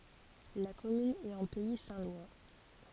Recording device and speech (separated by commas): forehead accelerometer, read sentence